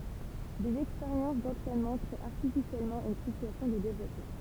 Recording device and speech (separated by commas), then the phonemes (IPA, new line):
temple vibration pickup, read sentence
dez ɛkspeʁjɑ̃s dɑ̃tʁɛnmɑ̃ kʁee aʁtifisjɛlmɑ̃ yn sityasjɔ̃ də devlɔpmɑ̃